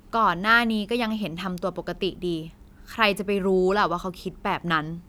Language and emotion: Thai, frustrated